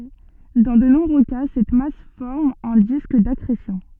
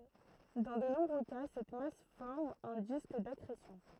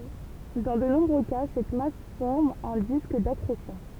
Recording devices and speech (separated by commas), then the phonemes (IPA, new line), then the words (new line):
soft in-ear microphone, throat microphone, temple vibration pickup, read sentence
dɑ̃ də nɔ̃bʁø ka sɛt mas fɔʁm œ̃ disk dakʁesjɔ̃
Dans de nombreux cas, cette masse forme un disque d'accrétion.